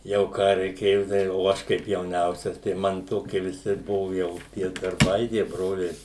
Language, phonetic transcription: Lithuanian, jau ˈką reiˈkėjo tai o ˈaš kaip jauˈniausias tai ˈman ˈtokie viˈsi ˈbuvu ˈjau tie darˈbai tie ˈbroliai

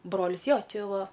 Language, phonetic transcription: Lithuanian, ˈbrolis ˈjo ˈčė ˈva

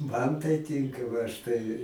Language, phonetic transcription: Lithuanian, man tai ˈtinka va aš ˈtai

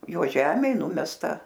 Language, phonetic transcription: Lithuanian, ˈjo ˈžemėj ˈnumesta

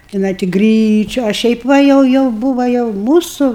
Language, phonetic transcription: Lithuanian, tiˈnai ti ˈgryčiu a ˈšiaip ˈva ˈjau ˈjau ˈbūva jau ˈmūsu

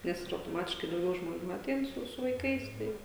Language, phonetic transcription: Lithuanian, ˈnes ir autoˈmatiškai dauˈgiau žmoˈnių aˈtein su su vaiˈkais ˈtai

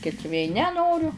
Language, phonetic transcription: Lithuanian, ˈkits vė neˈnoriu

